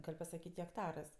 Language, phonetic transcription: Lithuanian, ˈgal' pasaˈkyt' hekˈtarɜs

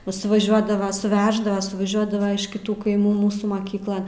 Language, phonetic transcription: Lithuanian, nu suvaˈžiuodava suˈveždava suvaˈžiuodava iš kiˈtų kaiˈmų ˈmūsų maˈkyklan

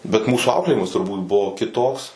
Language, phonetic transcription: Lithuanian, bet ˈmūsų ˈauklėjimas turˈbūt ˈbuvo kiˈtoks

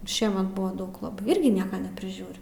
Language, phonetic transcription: Lithuanian, ˈšiemet ˈbuva ˈdaug laˈbai ˈirgi ˈnieka nepriˈžiūriu

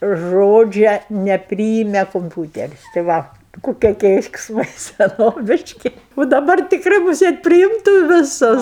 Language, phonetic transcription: Lithuanian, ˈžodžia neˈpryime kumˈpiūteris tai ˈva kuˈkie keiksˈmai seˈnoviški u daˈbar tikˈrai muˈsėt priˈimtų viˈsus

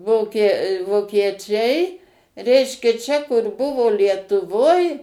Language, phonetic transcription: Lithuanian, ˈvokie vokieˈčiai ˈreiškia čia kur ˈbuvo lietuˈvoj

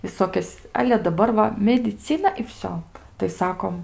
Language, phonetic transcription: Lithuanian, viˈsokias ˈale daˈbar va mediˈcina i ˈvsio tai ˈsakom

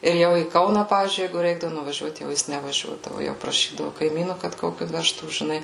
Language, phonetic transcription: Lithuanian, ir ˈjau į ˈkauną ˈpavyzdžiui ˈjeigu ˈreikdavu nuvaˈžiuot jau ˈjis nevaˈžiuodavu jau praˈšydavu kaiˈmynu kad ˈkokiu ˈvežtų žiˈnai

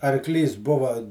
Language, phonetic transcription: Lithuanian, arˈklys ˈbuva

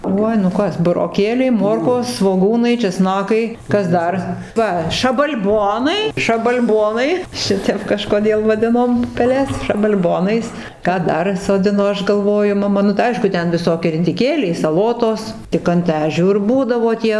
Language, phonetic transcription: Lithuanian, ˈuoj nu ˈkas buroˈkėliai ˈmorkos svoˈgūnai čeˈsnakai ˈkas ˈdar ˈva šabal'ˈbonai šabal'ˈbonai ˈšitep kažkoˈdėl vaˈdinom pupeˈles šabal'ˈbonais ˈką ˈdar soˈdino ˈaš galˈvoju maˈma nu tai ˈaišku ˈten viˈsokie ridiˈkėliai saˈlotos tik ant ˈežių ir ˈbūdavo ˈtie

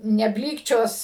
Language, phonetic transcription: Lithuanian, neˈblykčios

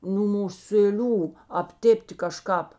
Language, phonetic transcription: Lithuanian, nū musėˈlių apˈtėpti kaˈžkāp

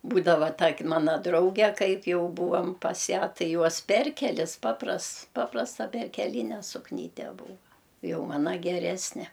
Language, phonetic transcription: Lithuanian, ˈbūdava ˈtak' ˈmana ˈdrauge ˈkaip ˈjau ˈbūvam ˈpas ˈją ˈtai ˈjuos ˈperkelis ˈpaprasts ˈpaprasta perkeˈlyne sukˈnyte ˈbūva ˈjau ˈmana geˈresne

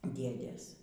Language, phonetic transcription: Lithuanian, ˈdėdės

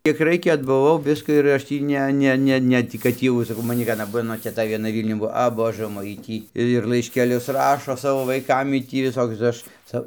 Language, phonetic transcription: Lithuanian, kiek ˈraikia atbuˈvau ˈviska ir ˈaš tį ˈne ˈne ˈne tį kad ˈtį jau saˈkau maˈni vieˈna ˈmano teˈta vieˈna ˈvylniun ˈbuo a ˈbožɜ ˈmoj ˈjy ˈtį ir laiškeˈlius ˈrašo ˈsavo vaiˈkam ˈjy tį viˈsokius tai ˈaš ˈca

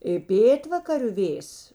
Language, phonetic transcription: Lithuanian, i ˈpėtvakariu ˈvėjs

